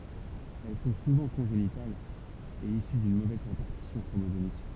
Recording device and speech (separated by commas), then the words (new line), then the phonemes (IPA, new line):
temple vibration pickup, read sentence
Elles sont souvent congénitales, et issues d’une mauvaise répartition chromosomique.
ɛl sɔ̃ suvɑ̃ kɔ̃ʒenitalz e isy dyn movɛz ʁepaʁtisjɔ̃ kʁomozomik